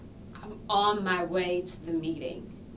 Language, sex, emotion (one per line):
English
female
disgusted